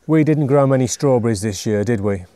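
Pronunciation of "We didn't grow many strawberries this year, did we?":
The voice falls on the tag 'did we', so this is a request for agreement, not a real question.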